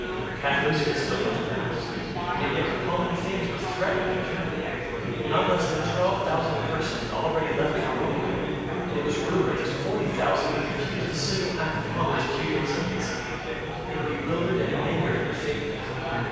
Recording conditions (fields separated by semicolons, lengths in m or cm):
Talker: one person; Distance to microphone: 7.1 m; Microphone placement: far; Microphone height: 1.7 m; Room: very reverberant, large; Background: babble